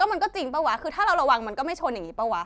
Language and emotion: Thai, angry